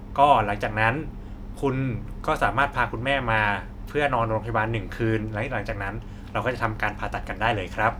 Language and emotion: Thai, neutral